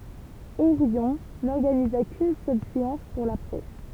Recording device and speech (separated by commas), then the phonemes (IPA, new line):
temple vibration pickup, read sentence
oʁjɔ̃ nɔʁɡaniza kyn sœl seɑ̃s puʁ la pʁɛs